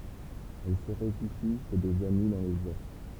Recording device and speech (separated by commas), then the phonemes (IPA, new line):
temple vibration pickup, read sentence
ɛl sə ʁefyʒi ʃe dez ami dɑ̃ lə ʒɛʁ